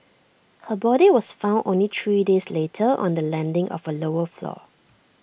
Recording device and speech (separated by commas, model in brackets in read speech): boundary microphone (BM630), read sentence